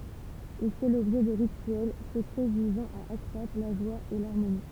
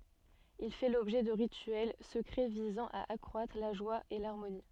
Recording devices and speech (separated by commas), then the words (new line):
temple vibration pickup, soft in-ear microphone, read sentence
Il fait l'objet de rituels secrets visant à accroître la joie et l'harmonie.